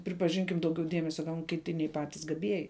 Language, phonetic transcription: Lithuanian, pripaˈžinkim ˈdauˌgiau ˈdiemesia gaun kiˈti nei ˈpatis gaˈbieji

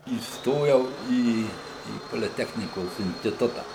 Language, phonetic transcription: Lithuanian, įsˈtojau ˈį į poliˈtechnikos instiˈtuta

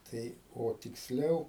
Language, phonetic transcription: Lithuanian, ˈtai o tiksˈliau

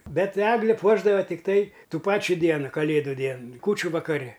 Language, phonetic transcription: Lithuanian, ˈbet ˈegli ˈpuošdavo tikˈtai ˈtų ˈpačių ˈdienu kaˈlėdu ˈdien ˈkūčiu vakaˈri

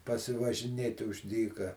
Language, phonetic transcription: Lithuanian, pasivažiˈnėti už ˈdyka

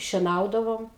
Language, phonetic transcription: Lithuanian, šieˈnaudavom

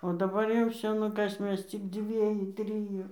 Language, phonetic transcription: Lithuanian, o daˈbar jau ˈvsio ˈnu ˈkas ˈmes cik ˈdzvieju ˈtriju

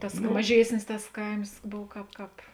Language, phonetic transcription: Lithuanian, ˈtas maˈžiesnis tas ˈkaims ˈbov ˈkāp ˈkāp

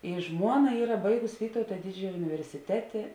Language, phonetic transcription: Lithuanian, i ˈžmuoˌna ˈyra ˈbaigus ˈvytauta ˈdidžiaja universiˈtetė

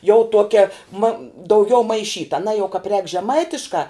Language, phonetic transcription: Lithuanian, jau ˈtuokia ma dauˈgiau maiˈšyta aˈnā jau kāp rēk žeˈmaitiškā

